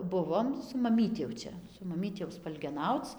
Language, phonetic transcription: Lithuanian, ˈbuvom su maˈmyti jau ˈčia su maˈmyti jau spalgeˈnauc

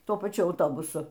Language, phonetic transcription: Lithuanian, ˈtuo paˈčiu auˈtobusu

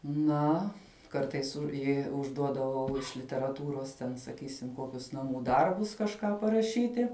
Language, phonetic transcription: Lithuanian, ˈna ˈkartais ˈjei užˈduodavau iš literaˈtūros ten saˈkysim ˈkokius naˈmų ˈdarbus kažˈką paraˈšyti

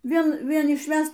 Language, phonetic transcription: Lithuanian, ˈvien ˈvien išˈvæst

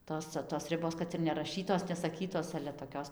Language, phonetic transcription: Lithuanian, ˈtos cia tos ˈribos ˈkad ir neraˈšytos nesaˈkytos ale toˈkios

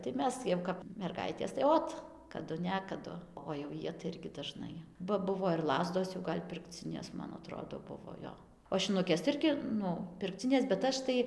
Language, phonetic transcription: Lithuanian, tai ˈmes jau ˌkap merˈgaitės tai ˈot kaˈdu ˈnekadu o jau ˈjie tai ˈirgi daˈžnai ba ˈbuvo ir ˈlazdos jau ˈgal' pirkˈcinės man aˈtrodo ˈbuvo ˈjo o šinuˈkės tai ˈirgi ˈnu pirkˈcinės bet ˈaš tai

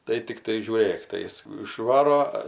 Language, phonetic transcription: Lithuanian, tai tikˈtai žiūˈrėk tai ˈjis išˈvaro

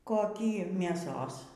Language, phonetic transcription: Lithuanian, koˈkį mėˈsos

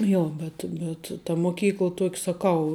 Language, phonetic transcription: Lithuanian, ˈjo ˈbet bet ta moˈkykla ˈtuok' saˈkau

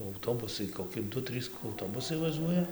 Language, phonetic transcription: Lithuanian, auˈtobusai koˈki ˈdu ˈtrys auˈtobusai vaˈžuoja

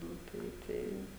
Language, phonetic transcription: Lithuanian, ˈnu ˈtai ˈtai

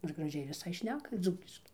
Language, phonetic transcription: Lithuanian, nu ir graˈžiai viˈsai ˈšneka ˈdzūkiškai

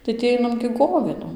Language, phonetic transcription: Lithuanian, tai tį ˈainam gi ˈgovėdom

